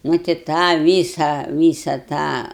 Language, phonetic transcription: Lithuanian, ˈnu tai ˈtą ˈvysa ˈvysa ˈtą

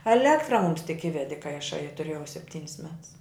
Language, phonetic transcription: Lithuanian, eˈlektra mums tik ˈivedi kai aˈšai a tuˈrėjau sepˈtynis mets

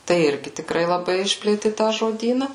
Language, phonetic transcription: Lithuanian, tai ˈirgi tikˈrai laˈbai ˈišplėti ˈtą žodyna

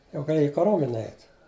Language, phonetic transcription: Lithuanian, jau gaˈlėja i kaˈromene ˈeit

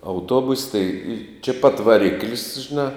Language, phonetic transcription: Lithuanian, auˈtobus' tai čia pat vaˈrikl's' žiˈnā

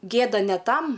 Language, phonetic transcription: Lithuanian, ˈgėda ne ˈtam

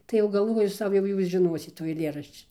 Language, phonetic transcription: Lithuanian, tai jau galˈvoju ˈsau jau ˈjūs žiˈnosit tų aiˈlėrašči

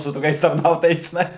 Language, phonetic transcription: Lithuanian, su toˈkiais tarˈnautojais žiˈnai

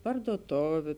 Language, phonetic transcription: Lithuanian, parduoˈtoviu

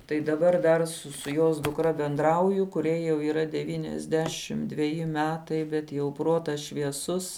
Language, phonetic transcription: Lithuanian, tai daˈbar dar ˈsu su jos dukˈra benˈdrauju kuˈriai jau yˈra ˈdevyniasˌdešim dveˈji ˈmetai bet jau ˈprotas švieˈsus

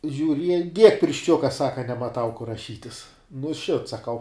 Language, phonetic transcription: Lithuanian, žiuˈriej diek piršˈčiuka ˈsaka nemaˈtau kur raˈšytis nu šit saˈkau

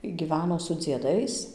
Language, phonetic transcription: Lithuanian, y gyˈveno su dzieˈdais

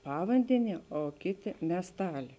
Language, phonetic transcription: Lithuanian, ˈpavandeˌnie o ˈkėˌtė miesˈtalė

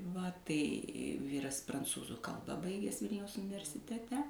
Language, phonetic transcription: Lithuanian, va tai ˈvyras pranˈcūzų ˈkalba ˈbaiges ˈvilniaus universiteˈte

